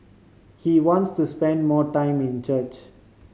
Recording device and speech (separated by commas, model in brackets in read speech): mobile phone (Samsung C5010), read sentence